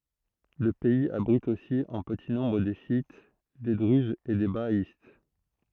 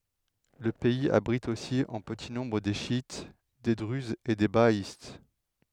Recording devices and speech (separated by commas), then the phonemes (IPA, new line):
throat microphone, headset microphone, read sentence
lə pɛiz abʁit osi ɑ̃ pəti nɔ̃bʁ de ʃjit de dʁyzz e de baaist